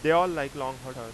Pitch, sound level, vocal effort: 135 Hz, 95 dB SPL, very loud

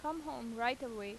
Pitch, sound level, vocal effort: 245 Hz, 87 dB SPL, normal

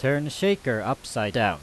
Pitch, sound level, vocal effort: 130 Hz, 91 dB SPL, very loud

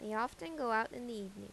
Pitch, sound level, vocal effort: 220 Hz, 86 dB SPL, normal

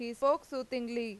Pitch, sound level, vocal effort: 250 Hz, 93 dB SPL, loud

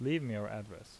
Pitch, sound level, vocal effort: 110 Hz, 81 dB SPL, normal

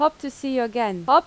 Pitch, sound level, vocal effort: 270 Hz, 89 dB SPL, loud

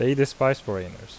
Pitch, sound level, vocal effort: 125 Hz, 83 dB SPL, normal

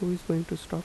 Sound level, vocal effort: 79 dB SPL, soft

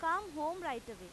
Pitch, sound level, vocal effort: 310 Hz, 96 dB SPL, very loud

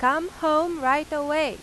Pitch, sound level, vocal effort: 305 Hz, 96 dB SPL, very loud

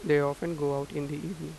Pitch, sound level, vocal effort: 145 Hz, 88 dB SPL, normal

